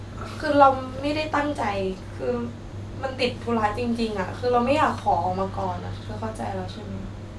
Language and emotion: Thai, sad